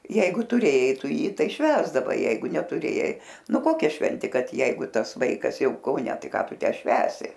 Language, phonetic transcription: Lithuanian, ˈjeigu tuˈrėjai ˈtu ˈjį ˈtai ˈšvęsdavai ˈjeigu netuˈrėjai ˈnu ˈkokia ˈšventė ˈkad ˈjeigu ˈtas ˈvaikas ˈjau kauˈne ˈtai ˈką ˈtu ˈtę ˈšvęsi

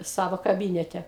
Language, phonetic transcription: Lithuanian, ˈsavo kaˈbynete

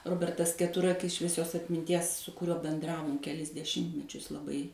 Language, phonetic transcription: Lithuanian, ˈrobertas keˈturakis švieˈsios atminˈties su kuˈriuo benˈdravom keˈlis deˈšimtmečius laˈbai

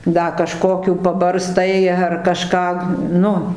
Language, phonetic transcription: Lithuanian, ˈda kaˈžkokių pabarˈstai ar kaˈžką ˈnu

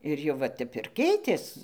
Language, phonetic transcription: Lithuanian, ir jau ˈva ˈtep ir ˈkeitės

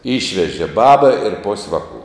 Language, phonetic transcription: Lithuanian, ˈyšvežė ˈbaba ir pos' ˈvaˌku

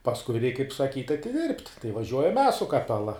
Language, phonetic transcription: Lithuanian, pasˈkui reik kaip saˈkyt' atiˈdirbt' tai vaˈžiuojam mes su kaˈpela

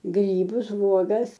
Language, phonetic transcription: Lithuanian, ˈgrybus ˈvuogas

